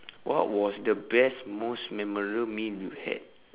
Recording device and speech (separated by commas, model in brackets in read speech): telephone, conversation in separate rooms